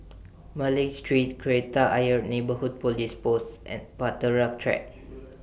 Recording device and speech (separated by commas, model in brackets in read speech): boundary microphone (BM630), read sentence